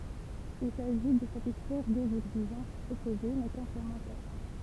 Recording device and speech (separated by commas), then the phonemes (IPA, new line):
temple vibration pickup, read sentence
il saʒi də satisfɛʁ døz ɛɡziʒɑ̃sz ɔpoze mɛ kɔ̃plemɑ̃tɛʁ